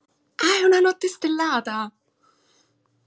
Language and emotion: Italian, surprised